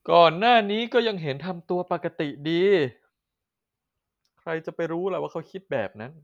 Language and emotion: Thai, frustrated